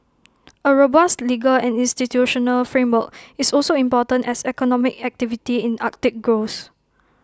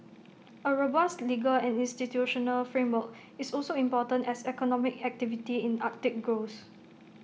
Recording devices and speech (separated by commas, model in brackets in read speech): close-talking microphone (WH20), mobile phone (iPhone 6), read sentence